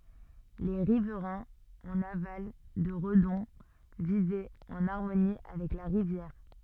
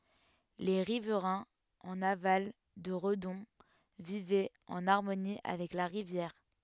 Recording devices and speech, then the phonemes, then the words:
soft in-ear microphone, headset microphone, read sentence
le ʁivʁɛ̃z ɑ̃n aval də ʁədɔ̃ vivɛt ɑ̃n aʁmoni avɛk la ʁivjɛʁ
Les riverains en aval de Redon vivaient en harmonie avec la rivière.

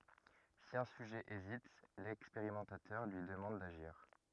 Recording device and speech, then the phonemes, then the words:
rigid in-ear microphone, read sentence
si œ̃ syʒɛ ezit lɛkspeʁimɑ̃tatœʁ lyi dəmɑ̃d daʒiʁ
Si un sujet hésite, l'expérimentateur lui demande d'agir.

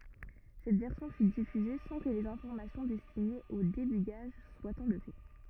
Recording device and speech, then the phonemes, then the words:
rigid in-ear microphone, read sentence
sɛt vɛʁsjɔ̃ fy difyze sɑ̃ kə lez ɛ̃fɔʁmasjɔ̃ dɛstinez o debyɡaʒ swat ɑ̃lve
Cette version fut diffusée sans que les informations destinées au débugage soient enlevées.

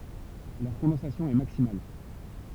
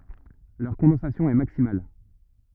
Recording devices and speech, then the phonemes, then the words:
temple vibration pickup, rigid in-ear microphone, read sentence
lœʁ kɔ̃dɑ̃sasjɔ̃ ɛ maksimal
Leur condensation est maximale.

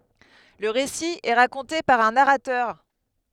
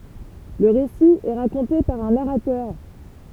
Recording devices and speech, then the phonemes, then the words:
headset microphone, temple vibration pickup, read sentence
lə ʁesi ɛ ʁakɔ̃te paʁ œ̃ naʁatœʁ
Le récit est raconté par un narrateur.

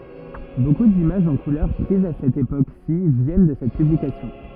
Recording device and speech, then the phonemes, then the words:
rigid in-ear microphone, read sentence
boku dimaʒz ɑ̃ kulœʁ pʁizz a sɛt epoksi vjɛn də sɛt pyblikasjɔ̃
Beaucoup d'images en couleurs prises à cette époque-ci viennent de cette publication.

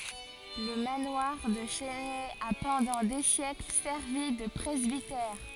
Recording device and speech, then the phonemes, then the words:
forehead accelerometer, read sentence
lə manwaʁ də la ʃɛsnɛ a pɑ̃dɑ̃ de sjɛkl sɛʁvi də pʁɛzbitɛʁ
Le manoir de la Chesnay a pendant des siècles servi de presbytère.

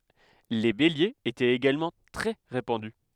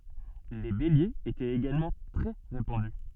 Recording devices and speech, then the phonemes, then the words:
headset microphone, soft in-ear microphone, read sentence
le beljez etɛt eɡalmɑ̃ tʁɛ ʁepɑ̃dy
Les béliers étaient également très répandus.

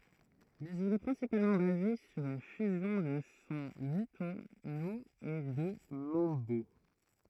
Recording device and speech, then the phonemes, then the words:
throat microphone, read sentence
mɛz il ɛ pʁɛ̃sipalmɑ̃ baze syʁ yn fyzjɔ̃ də sɔ̃ mɔ̃tyno e də mɑ̃bo
Mais il est principalement basé sur une fusion de son montuno et de mambo.

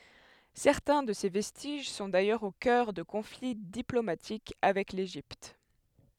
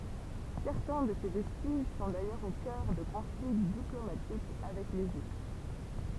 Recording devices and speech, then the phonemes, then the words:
headset microphone, temple vibration pickup, read sentence
sɛʁtɛ̃ də se vɛstiʒ sɔ̃ dajœʁz o kœʁ də kɔ̃fli diplomatik avɛk leʒipt
Certains de ces vestiges sont d'ailleurs au cœur de conflits diplomatiques avec l'Égypte.

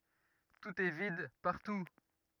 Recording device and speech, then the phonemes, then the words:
rigid in-ear microphone, read sentence
tut ɛ vid paʁtu
Tout est vide, partout.

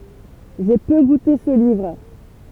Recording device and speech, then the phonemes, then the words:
temple vibration pickup, read sentence
ʒe pø ɡute sə livʁ
J’ai peu goûté ce livre.

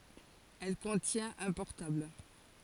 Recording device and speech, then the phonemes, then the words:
forehead accelerometer, read sentence
ɛl kɔ̃tjɛ̃t œ̃ pɔʁtabl
Elle contient un portable.

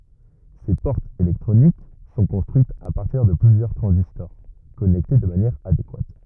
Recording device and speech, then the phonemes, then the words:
rigid in-ear microphone, read sentence
se pɔʁtz elɛktʁonik sɔ̃ kɔ̃stʁyitz a paʁtiʁ də plyzjœʁ tʁɑ̃zistɔʁ kɔnɛkte də manjɛʁ adekwat
Ces portes électroniques sont construites à partir de plusieurs transistors connectés de manière adéquate.

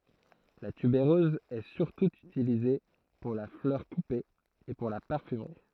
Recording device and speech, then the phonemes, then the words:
throat microphone, read sentence
la tybeʁøz ɛ syʁtu ytilize puʁ la flœʁ kupe e puʁ la paʁfymʁi
La tubéreuse est surtout utilisée pour la fleur coupée et pour la parfumerie.

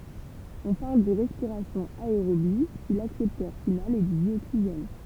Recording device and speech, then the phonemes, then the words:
temple vibration pickup, read sentence
ɔ̃ paʁl də ʁɛspiʁasjɔ̃ aeʁobi si laksɛptœʁ final ɛ dy djoksiʒɛn
On parle de respiration aérobie si l'accepteur final est du dioxygène.

